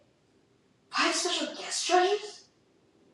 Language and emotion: English, disgusted